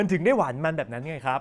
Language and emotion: Thai, neutral